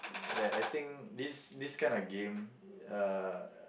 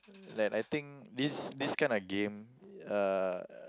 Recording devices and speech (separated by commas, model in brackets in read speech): boundary microphone, close-talking microphone, conversation in the same room